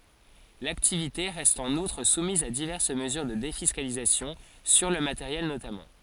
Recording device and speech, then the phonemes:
forehead accelerometer, read sentence
laktivite ʁɛst ɑ̃n utʁ sumiz a divɛʁs məzyʁ də defiskalizasjɔ̃ syʁ lə mateʁjɛl notamɑ̃

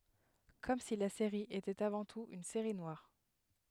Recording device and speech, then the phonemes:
headset microphone, read sentence
kɔm si la seʁi etɛt avɑ̃ tut yn seʁi nwaʁ

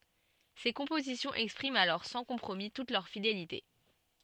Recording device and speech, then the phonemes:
soft in-ear microphone, read sentence
se kɔ̃pozisjɔ̃z ɛkspʁimt alɔʁ sɑ̃ kɔ̃pʁomi tut lœʁ fidelite

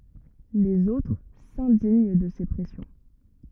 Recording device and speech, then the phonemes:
rigid in-ear microphone, read sentence
lez otʁ sɛ̃diɲ də se pʁɛsjɔ̃

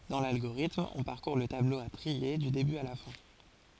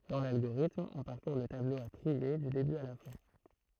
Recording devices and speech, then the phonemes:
forehead accelerometer, throat microphone, read sentence
dɑ̃ lalɡoʁitm ɔ̃ paʁkuʁ lə tablo a tʁie dy deby a la fɛ̃

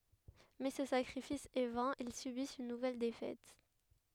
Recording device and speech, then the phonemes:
headset microphone, read sentence
mɛ sə sakʁifis ɛ vɛ̃ il sybist yn nuvɛl defɛt

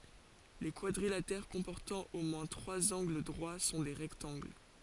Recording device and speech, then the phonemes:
forehead accelerometer, read sentence
le kwadʁilatɛʁ kɔ̃pɔʁtɑ̃ o mwɛ̃ tʁwaz ɑ̃ɡl dʁwa sɔ̃ le ʁɛktɑ̃ɡl

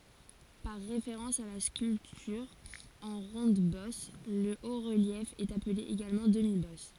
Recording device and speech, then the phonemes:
forehead accelerometer, read sentence
paʁ ʁefeʁɑ̃s a la skyltyʁ ɑ̃ ʁɔ̃dbɔs lə otʁəljɛf ɛt aple eɡalmɑ̃ dəmibɔs

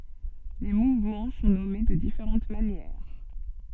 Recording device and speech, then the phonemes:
soft in-ear microphone, read sentence
le muvmɑ̃ sɔ̃ nɔme də difeʁɑ̃t manjɛʁ

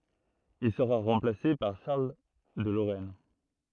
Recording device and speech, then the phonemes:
throat microphone, read sentence
il səʁa ʁɑ̃plase paʁ ʃaʁl də loʁɛn

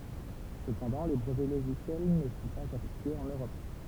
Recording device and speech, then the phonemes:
temple vibration pickup, read sentence
səpɑ̃dɑ̃ le bʁəvɛ loʒisjɛl nə sɔ̃ paz aplikez ɑ̃n øʁɔp

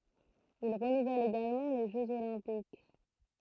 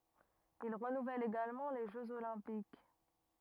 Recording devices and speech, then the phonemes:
throat microphone, rigid in-ear microphone, read sentence
il ʁənuvɛl eɡalmɑ̃ le ʒøz olɛ̃pik

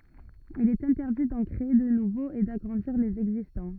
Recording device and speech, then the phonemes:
rigid in-ear microphone, read sentence
il ɛt ɛ̃tɛʁdi dɑ̃ kʁee də nuvoz e daɡʁɑ̃diʁ lez ɛɡzistɑ̃

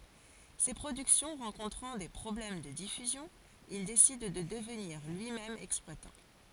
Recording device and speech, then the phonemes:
forehead accelerometer, read sentence
se pʁodyksjɔ̃ ʁɑ̃kɔ̃tʁɑ̃ de pʁɔblɛm də difyzjɔ̃ il desid də dəvniʁ lyimɛm ɛksplwatɑ̃

